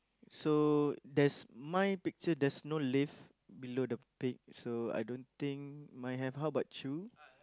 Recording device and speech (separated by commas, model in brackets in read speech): close-talking microphone, conversation in the same room